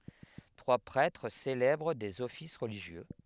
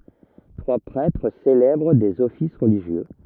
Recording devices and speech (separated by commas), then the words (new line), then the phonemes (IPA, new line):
headset microphone, rigid in-ear microphone, read sentence
Trois prêtres célèbrent des offices religieux.
tʁwa pʁɛtʁ selɛbʁ dez ɔfis ʁəliʒjø